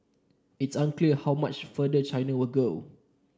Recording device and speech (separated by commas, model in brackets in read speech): standing microphone (AKG C214), read sentence